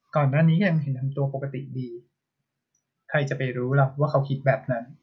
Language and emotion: Thai, frustrated